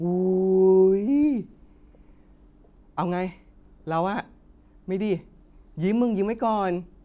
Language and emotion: Thai, frustrated